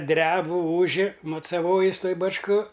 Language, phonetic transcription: Lithuanian, ˈdrebu ˈūži mucaˈvojis ˈtoj bačˈko

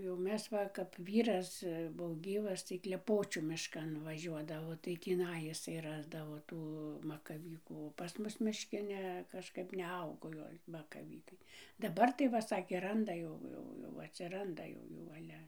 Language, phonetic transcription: Lithuanian, jau ˈmes va kap ˈvyras ˈbuo ˈgyvas tai kleˈpočių mišˈkan vaˈžiuodavo tai tįˈnai iˈsai ˈrasdavo ˈtų makaˈvykų o pas ˈmus mišˈki ˈne kažˈkap neˈaugo ˈgal' makaˈvykai daˈbar tai ˈva ˈsakė ˈranda jau ˈjau jau atsiˈranda ˈjau ˈjų ˈale

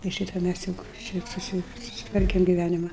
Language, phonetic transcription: Lithuanian, i ˈšyta ˈmæs ˈjuk šit ˈsusi susiˈtvarkem giˈvænima

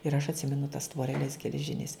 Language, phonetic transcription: Lithuanian, ir aš atˈsimenu tas tvoreˈles geleˈžinis

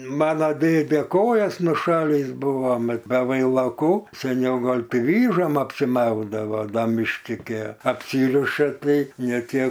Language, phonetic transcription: Lithuanian, ˈmana ˈdėde ˈkojas nuˈšalįs ˈbuva ˈmat be vailaˈkų seˈniau ˈgol' ˈti ˈvyžom apsiˈmaudavo ˈda mišˈki gi apˈsyriša ˈtai ne ˈtie

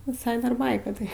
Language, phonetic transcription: Lithuanian, viˈsai dar ˈbaika tai

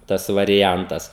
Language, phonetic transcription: Lithuanian, ˈtas variˈjantas

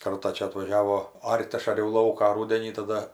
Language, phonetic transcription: Lithuanian, ˈkartą ˈčia atvaˈžiavo ˈart' ˈaš aˈriau ˈlauką ˈrūdenį taˈda

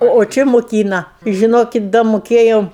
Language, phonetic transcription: Lithuanian, o o ˈči muˈkyna i žiˈnokit da moˈkėjom

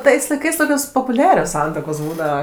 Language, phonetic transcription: Lithuanian, ˈtais laiˈkais ˈtokios popuˈliarios ˈsantuokos ˈbūdava

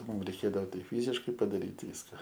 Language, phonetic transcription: Lithuanian, ˈmum reiˈkėdao ˈtai ˈfyziškai padaˈryt ˈvyska

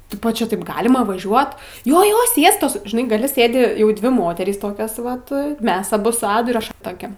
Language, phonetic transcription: Lithuanian, ˈtipo ˈčia ˈtaip ˈgalima vaˈžiuot ˈjo ˈjo ˈsiestos žiˈnai gaˈli ˈsėdi jau ˈdvi ˈmoterys ˈtokios ˈvat ˈmes aˈbu su ˈadu ir ˈaš ˈtokia

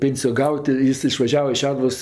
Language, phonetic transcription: Lithuanian, ˈpėnsijo ˈgaut' ˈjis išvaˈžiava iš ˈšeduvos

